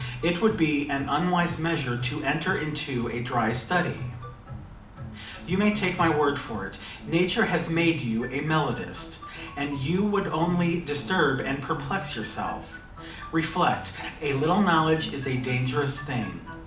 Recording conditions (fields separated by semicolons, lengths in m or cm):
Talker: one person; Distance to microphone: 2.0 m; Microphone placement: close; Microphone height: 99 cm; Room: medium-sized (5.7 m by 4.0 m); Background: music